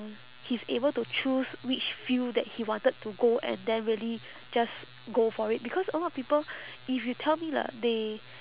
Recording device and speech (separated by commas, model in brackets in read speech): telephone, conversation in separate rooms